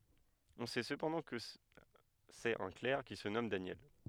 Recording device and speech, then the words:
headset microphone, read sentence
On sait cependant que c'est un clerc qui se nomme Daniel.

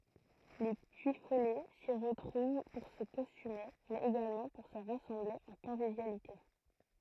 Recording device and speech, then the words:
throat microphone, read sentence
Les Puyfolais s'y retrouvent pour se costumer mais également pour se rassembler en convivialité.

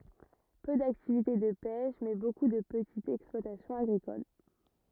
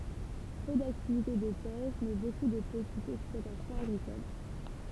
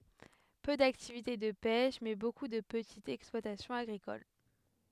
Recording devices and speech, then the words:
rigid in-ear microphone, temple vibration pickup, headset microphone, read sentence
Peu d'activité de pêche, mais beaucoup de petites exploitations agricoles.

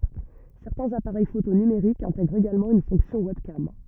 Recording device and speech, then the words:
rigid in-ear microphone, read sentence
Certains appareils photo numériques intègrent également une fonction webcam.

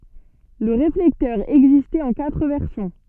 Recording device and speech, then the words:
soft in-ear microphone, read sentence
Le réflecteur existait en quatre versions.

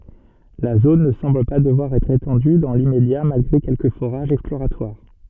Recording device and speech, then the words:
soft in-ear microphone, read sentence
La zone ne semble pas devoir être étendue dans l'immédiat malgré quelques forages exploratoires.

